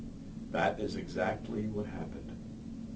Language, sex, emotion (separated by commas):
English, male, neutral